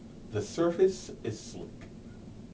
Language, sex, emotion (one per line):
English
male
neutral